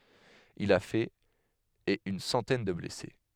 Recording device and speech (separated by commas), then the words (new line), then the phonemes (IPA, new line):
headset microphone, read sentence
Il a fait et une centaine de blessés.
il a fɛt e yn sɑ̃tɛn də blɛse